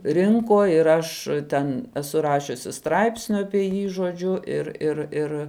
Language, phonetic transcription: Lithuanian, ˈrinko ir ˈaš ˈten eˈsu ˈrašiusi ˈstraipsniu apie ˈjį žoˈdžiu ˈir ir ˈir

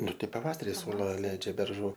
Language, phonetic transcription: Lithuanian, ˈnu ˈtai paˈvasari ˈsula ˈleidžia berˈžų

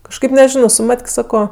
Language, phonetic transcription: Lithuanian, kažˈkaip neˈžino su ˈmat'k' ˈsako

